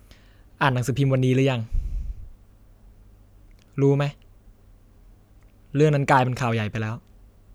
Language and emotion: Thai, frustrated